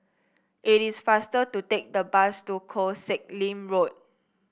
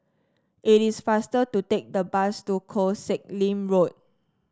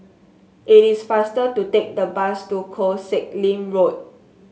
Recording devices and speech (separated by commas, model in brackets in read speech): boundary microphone (BM630), standing microphone (AKG C214), mobile phone (Samsung S8), read sentence